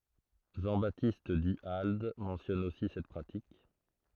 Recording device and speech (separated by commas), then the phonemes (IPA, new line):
throat microphone, read sentence
ʒɑ̃ batist dy ald mɑ̃sjɔn osi sɛt pʁatik